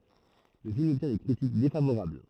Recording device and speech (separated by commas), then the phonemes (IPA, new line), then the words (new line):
throat microphone, read sentence
lə film ɔbtjɛ̃ de kʁitik defavoʁabl
Le film obtient des critiques défavorables.